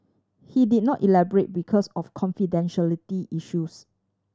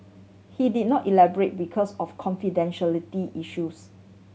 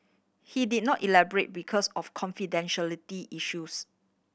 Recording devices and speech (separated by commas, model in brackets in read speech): standing microphone (AKG C214), mobile phone (Samsung C7100), boundary microphone (BM630), read sentence